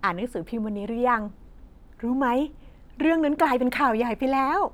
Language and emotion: Thai, happy